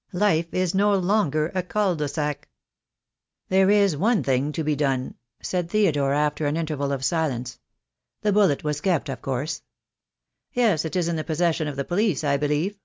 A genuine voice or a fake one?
genuine